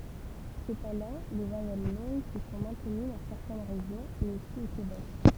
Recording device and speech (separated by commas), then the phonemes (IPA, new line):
temple vibration pickup, read sentence
səpɑ̃dɑ̃ le vwajɛl lɔ̃ɡ sə sɔ̃ mɛ̃təny dɑ̃ sɛʁtɛn ʁeʒjɔ̃z e osi o kebɛk